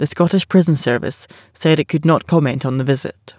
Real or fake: real